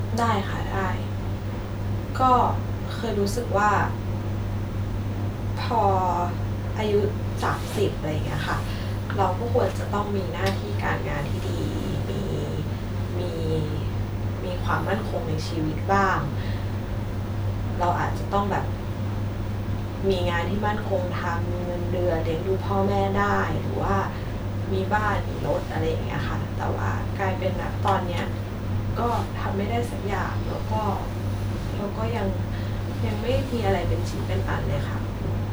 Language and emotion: Thai, sad